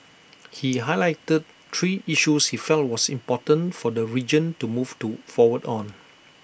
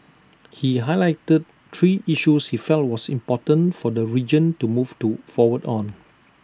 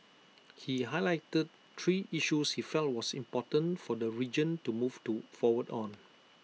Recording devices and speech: boundary microphone (BM630), standing microphone (AKG C214), mobile phone (iPhone 6), read sentence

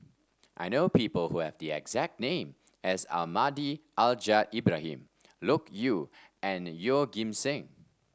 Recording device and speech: standing microphone (AKG C214), read sentence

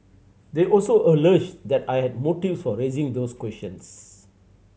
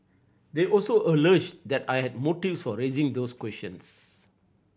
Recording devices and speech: mobile phone (Samsung C7100), boundary microphone (BM630), read sentence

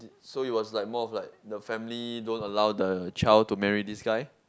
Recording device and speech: close-talking microphone, conversation in the same room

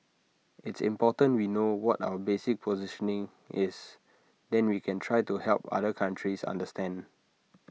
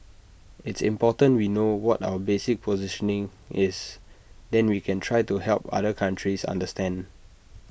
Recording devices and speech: mobile phone (iPhone 6), boundary microphone (BM630), read sentence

